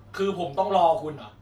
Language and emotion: Thai, angry